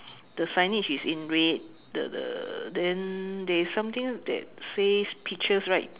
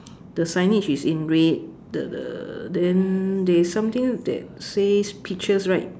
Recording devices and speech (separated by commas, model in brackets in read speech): telephone, standing microphone, conversation in separate rooms